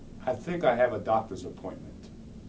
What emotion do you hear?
neutral